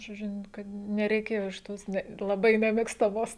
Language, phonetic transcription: Lithuanian, žoˈdžiu n ˈkad nereiˈkėjo iš ˈtos ˈne laˈbai nemėgstaˈmos

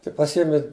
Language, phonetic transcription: Lithuanian, tai paˈsiemi

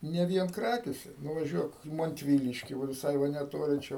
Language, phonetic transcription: Lithuanian, ne ˈvien ˈkrakėse nuvaˈžiuok i mantˈvyliški va viˈsai va neˈtoli ˈčia

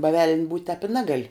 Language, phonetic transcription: Lithuanian, ba veln' būt' tēp i ˈnegal'

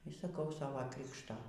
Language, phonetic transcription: Lithuanian, y saˈkau ˈsavo ˈkrikšto

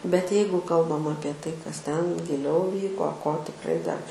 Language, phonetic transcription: Lithuanian, bet ˈjeigu ˈkalbam ˈapie ˈtai kas ˈten giˈliau ˈvyko ko tikˈrai dar

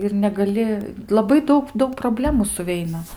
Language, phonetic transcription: Lithuanian, ir negaˈli laˈbai ˈdaug ˈdaug proˈblemų suˈveina

